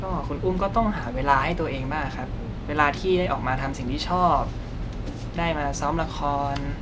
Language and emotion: Thai, neutral